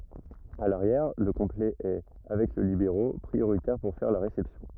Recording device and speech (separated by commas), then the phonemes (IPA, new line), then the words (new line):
rigid in-ear microphone, read sentence
a laʁjɛʁ lə kɔ̃plɛ ɛ avɛk lə libeʁo pʁioʁitɛʁ puʁ fɛʁ la ʁesɛpsjɔ̃
À l'arrière, le complet est, avec le libéro, prioritaire pour faire la réception.